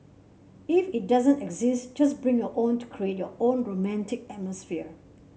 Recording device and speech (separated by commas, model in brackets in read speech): mobile phone (Samsung C7), read sentence